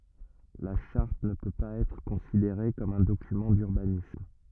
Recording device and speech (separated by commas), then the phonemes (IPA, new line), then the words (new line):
rigid in-ear microphone, read sentence
la ʃaʁt nə pø paz ɛtʁ kɔ̃sideʁe kɔm œ̃ dokymɑ̃ dyʁbanism
La charte ne peut pas être considérée comme un document d’urbanisme.